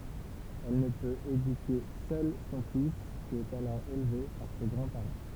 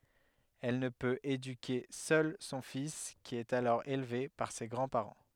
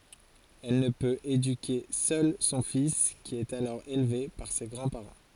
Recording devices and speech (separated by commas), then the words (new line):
temple vibration pickup, headset microphone, forehead accelerometer, read sentence
Elle ne peut éduquer seule son fils qui est alors élevé par ses grands-parents.